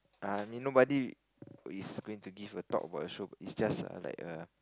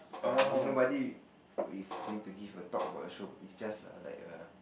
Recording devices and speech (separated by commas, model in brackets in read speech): close-talking microphone, boundary microphone, conversation in the same room